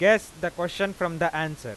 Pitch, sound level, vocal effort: 175 Hz, 98 dB SPL, very loud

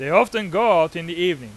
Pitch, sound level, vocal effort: 180 Hz, 101 dB SPL, loud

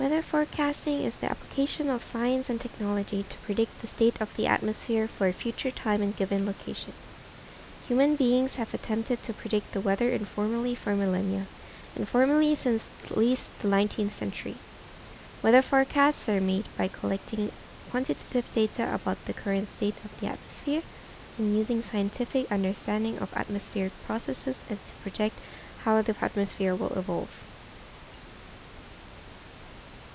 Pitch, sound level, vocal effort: 220 Hz, 77 dB SPL, soft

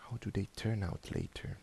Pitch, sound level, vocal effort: 105 Hz, 73 dB SPL, soft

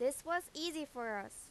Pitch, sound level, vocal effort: 275 Hz, 92 dB SPL, loud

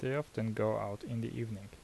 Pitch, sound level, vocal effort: 110 Hz, 76 dB SPL, soft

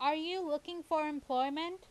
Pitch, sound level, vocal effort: 315 Hz, 94 dB SPL, very loud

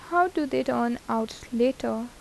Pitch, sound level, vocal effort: 245 Hz, 81 dB SPL, soft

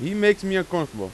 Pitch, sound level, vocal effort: 180 Hz, 94 dB SPL, very loud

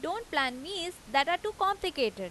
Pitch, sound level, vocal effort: 350 Hz, 91 dB SPL, loud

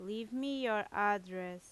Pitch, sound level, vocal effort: 205 Hz, 87 dB SPL, loud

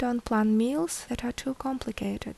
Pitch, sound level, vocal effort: 245 Hz, 74 dB SPL, soft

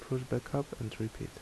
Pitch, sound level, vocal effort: 130 Hz, 71 dB SPL, soft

